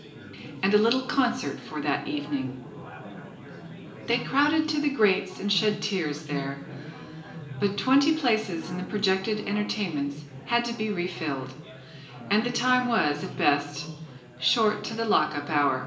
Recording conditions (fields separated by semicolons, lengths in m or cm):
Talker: one person; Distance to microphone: 1.8 m; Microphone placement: close; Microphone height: 1.0 m; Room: large; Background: babble